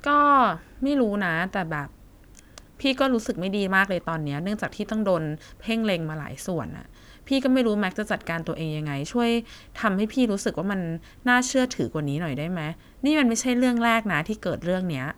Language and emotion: Thai, frustrated